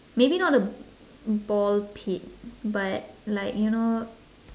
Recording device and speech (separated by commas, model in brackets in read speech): standing microphone, conversation in separate rooms